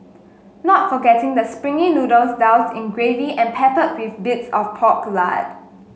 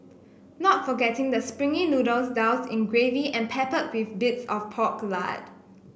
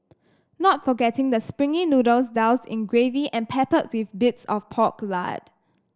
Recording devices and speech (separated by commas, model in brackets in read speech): mobile phone (Samsung S8), boundary microphone (BM630), standing microphone (AKG C214), read sentence